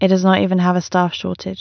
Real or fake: real